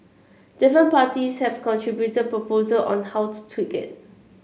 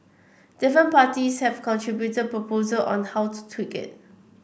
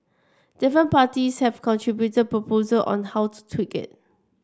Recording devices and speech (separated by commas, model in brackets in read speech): mobile phone (Samsung C7), boundary microphone (BM630), standing microphone (AKG C214), read sentence